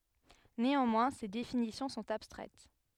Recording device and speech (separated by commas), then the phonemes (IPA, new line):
headset microphone, read sentence
neɑ̃mwɛ̃ se definisjɔ̃ sɔ̃t abstʁɛt